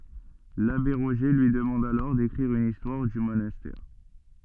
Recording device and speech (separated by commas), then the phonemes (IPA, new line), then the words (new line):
soft in-ear microphone, read sentence
labe ʁoʒe lyi dəmɑ̃d alɔʁ dekʁiʁ yn istwaʁ dy monastɛʁ
L'abbé Roger lui demande alors d'écrire une histoire du monastère.